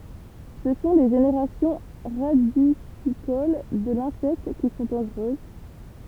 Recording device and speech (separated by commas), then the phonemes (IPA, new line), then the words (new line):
temple vibration pickup, read sentence
sə sɔ̃ le ʒeneʁasjɔ̃ ʁadisikol də lɛ̃sɛkt ki sɔ̃ dɑ̃ʒʁøz
Ce sont les générations radicicoles de l'insecte qui sont dangereuses.